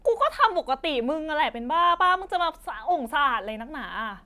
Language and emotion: Thai, frustrated